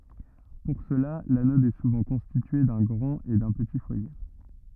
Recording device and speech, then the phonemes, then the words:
rigid in-ear microphone, read sentence
puʁ səla lanɔd ɛ suvɑ̃ kɔ̃stitye dœ̃ ɡʁɑ̃t e dœ̃ pəti fwaje
Pour cela, l'anode est souvent constituée d'un grand et d'un petit foyer.

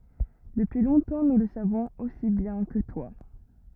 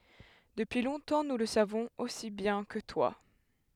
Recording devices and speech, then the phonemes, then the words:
rigid in-ear microphone, headset microphone, read sentence
dəpyi lɔ̃tɑ̃ nu lə savɔ̃z osi bjɛ̃ kə twa
Depuis longtemps nous le savons aussi bien que toi.

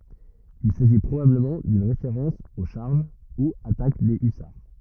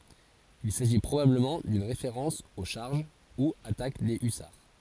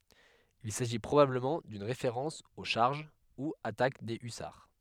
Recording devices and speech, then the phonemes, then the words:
rigid in-ear microphone, forehead accelerometer, headset microphone, read sentence
il saʒi pʁobabləmɑ̃ dyn ʁefeʁɑ̃s o ʃaʁʒ u atak de ysaʁ
Il s’agit probablement d’une référence aux charges, ou attaques des hussards.

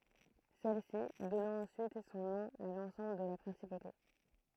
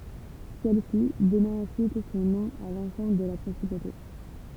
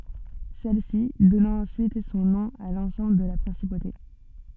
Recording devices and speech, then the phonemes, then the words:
throat microphone, temple vibration pickup, soft in-ear microphone, read sentence
sɛlsi dɔnɑ̃ ɑ̃syit sɔ̃ nɔ̃ a lɑ̃sɑ̃bl də la pʁɛ̃sipote
Celle-ci donnant ensuite son nom à l’ensemble de la principauté.

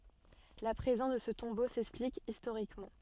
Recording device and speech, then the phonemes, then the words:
soft in-ear microphone, read sentence
la pʁezɑ̃s də sə tɔ̃bo sɛksplik istoʁikmɑ̃
La présence de ce tombeau s'explique historiquement.

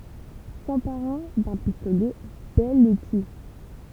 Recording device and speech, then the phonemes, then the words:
temple vibration pickup, read sentence
sɑ̃paʁɑ̃ dœ̃ pistolɛ bɛl lə ty
S'emparant d'un pistolet, Belle le tue.

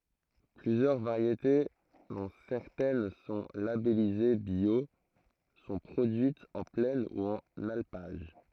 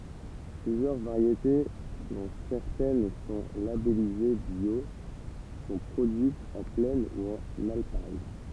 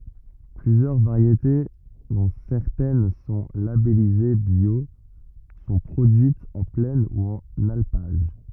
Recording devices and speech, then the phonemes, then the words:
throat microphone, temple vibration pickup, rigid in-ear microphone, read sentence
plyzjœʁ vaʁjete dɔ̃ sɛʁtɛn sɔ̃ labɛlize bjo sɔ̃ pʁodyitz ɑ̃ plɛn u ɑ̃n alpaʒ
Plusieurs variétés, dont certaines sont labellisées bio, sont produites en plaine ou en alpage.

